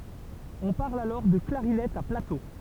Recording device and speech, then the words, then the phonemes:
temple vibration pickup, read sentence
On parle alors de clarinette à plateaux.
ɔ̃ paʁl alɔʁ də klaʁinɛt a plato

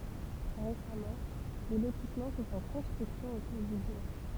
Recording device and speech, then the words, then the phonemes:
temple vibration pickup, read sentence
Récemment, des lotissements sont en construction autour du bourg.
ʁesamɑ̃ de lotismɑ̃ sɔ̃t ɑ̃ kɔ̃stʁyksjɔ̃ otuʁ dy buʁ

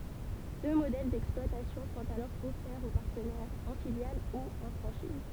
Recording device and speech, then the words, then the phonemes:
temple vibration pickup, read sentence
Deux modèles d'exploitation sont alors offerts aux partenaires, en filiale ou en franchise.
dø modɛl dɛksplwatasjɔ̃ sɔ̃t alɔʁ ɔfɛʁz o paʁtənɛʁz ɑ̃ filjal u ɑ̃ fʁɑ̃ʃiz

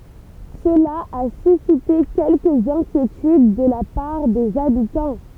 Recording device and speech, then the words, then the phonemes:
temple vibration pickup, read sentence
Cela a suscité quelques inquiétudes de la part des habitants.
səla a sysite kɛlkəz ɛ̃kjetyd də la paʁ dez abitɑ̃

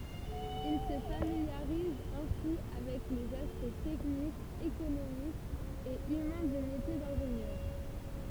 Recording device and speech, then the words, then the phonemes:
temple vibration pickup, read sentence
Il se familiarise ainsi avec les aspects techniques, économiques et humains du métier d'ingénieur.
il sə familjaʁiz ɛ̃si avɛk lez aspɛkt tɛknikz ekonomikz e ymɛ̃ dy metje dɛ̃ʒenjœʁ

